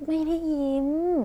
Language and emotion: Thai, frustrated